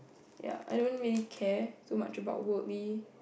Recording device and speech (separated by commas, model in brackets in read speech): boundary microphone, conversation in the same room